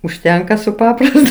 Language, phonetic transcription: Lithuanian, užˈtenka su ˈpaprastu

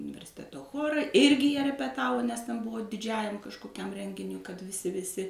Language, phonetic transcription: Lithuanian, universiˈteto ˈchora ˈirgi jie repeˈtavo nes ten ˈbuvo diˈdžiajam kažkoˈkiam ˈrenginiui kad viˈsi viˈsi

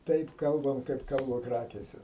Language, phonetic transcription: Lithuanian, ˈtaip ˈkalbam kaip ˈkalba ˈkrakėse

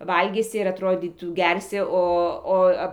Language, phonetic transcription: Lithuanian, ˈvalgysi ir atˈrodytų ˈgersi ˈo

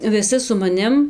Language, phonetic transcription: Lithuanian, viˈsi su maˈnim

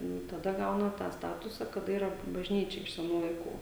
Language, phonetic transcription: Lithuanian, ˈnu taˈda ˈgauna tą ˈstatusa kaˈda ˈyra bažˈnyčia iš seˈnų laiˈkų

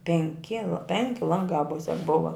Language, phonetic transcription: Lithuanian, penˈki la ˈpenki ˈlangā ˈmusiak ˈbuva

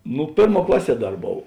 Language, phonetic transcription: Lithuanian, ˈnu ˈpėrˌmuo ˈklaˌsie ˈdar ˈbov

